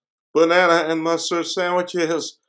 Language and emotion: English, fearful